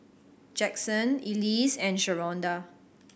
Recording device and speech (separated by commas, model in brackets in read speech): boundary microphone (BM630), read sentence